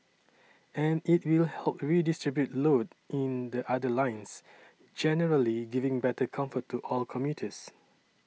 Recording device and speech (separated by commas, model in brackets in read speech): mobile phone (iPhone 6), read sentence